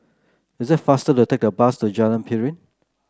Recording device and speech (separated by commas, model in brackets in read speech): close-talking microphone (WH30), read sentence